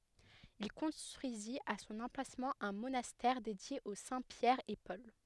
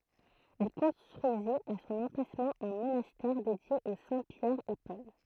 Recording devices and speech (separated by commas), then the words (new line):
headset microphone, throat microphone, read sentence
Il construisit à son emplacement un monastère dédié aux saints Pierre et Paul.